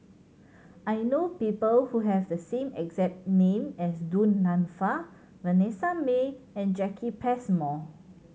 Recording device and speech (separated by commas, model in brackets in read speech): mobile phone (Samsung C7100), read sentence